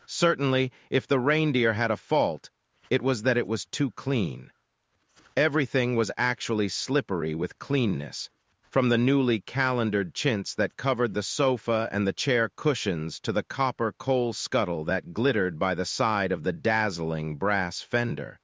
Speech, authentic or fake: fake